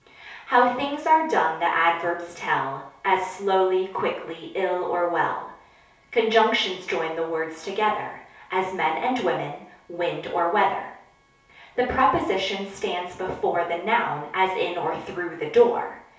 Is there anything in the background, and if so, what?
Nothing.